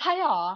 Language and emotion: Thai, happy